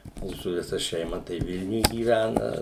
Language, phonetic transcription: Lithuanian, ˈmūsu viˈsa šeiˈma tai ˈvilniuj gyˈvæna

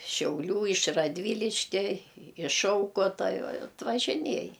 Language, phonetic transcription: Lithuanian, šiauˈlių iš radˈvyliškia iš ˈšaukota atvažiˈniej

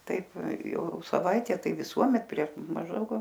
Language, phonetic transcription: Lithuanian, ˈtaip ˈjau saˈvaitę ˈtai viˈsuomet prieš mažˈdaug

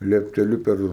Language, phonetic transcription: Lithuanian, liepteˈliu ˈper

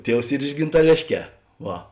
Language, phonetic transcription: Lithuanian, ˈtievs ˈyr iš gintaˈlėšˌkē ˈva

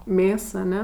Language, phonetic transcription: Lithuanian, ˈmės aˈne

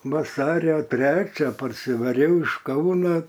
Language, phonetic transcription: Lithuanian, vaˈsario ˈtrečią parsivaˈriau iš ˈkauna

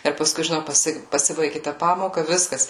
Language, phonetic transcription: Lithuanian, ir paˈskui žiˈnau paˈsi paˈsibaigė ta ˈpamoka ˈviskas

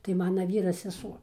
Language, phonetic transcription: Lithuanian, tai ˈmana ˈvyra seˈsuo

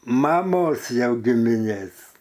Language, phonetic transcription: Lithuanian, maˈmos jau gimiˈnės

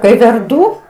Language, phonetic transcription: Lithuanian, kai verˈdū

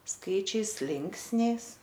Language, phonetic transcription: Lithuanian, ˈskaičiais ˈlinksniais

